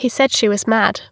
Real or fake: real